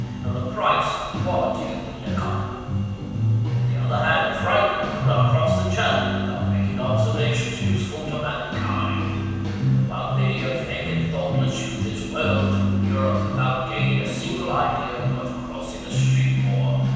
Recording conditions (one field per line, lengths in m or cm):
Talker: one person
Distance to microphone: 7.1 m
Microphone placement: far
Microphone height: 1.7 m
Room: very reverberant, large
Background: music